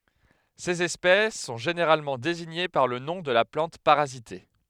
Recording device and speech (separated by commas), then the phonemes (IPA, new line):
headset microphone, read sentence
sez ɛspɛs sɔ̃ ʒeneʁalmɑ̃ deziɲe paʁ lə nɔ̃ də la plɑ̃t paʁazite